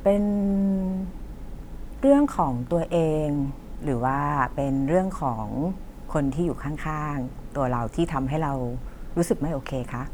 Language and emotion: Thai, neutral